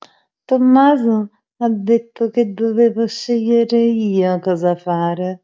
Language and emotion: Italian, sad